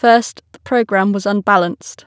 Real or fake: real